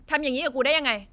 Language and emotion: Thai, angry